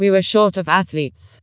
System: TTS, vocoder